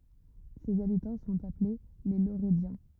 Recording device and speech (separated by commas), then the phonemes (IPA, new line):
rigid in-ear microphone, read sentence
sez abitɑ̃ sɔ̃t aple le loʁədjɑ̃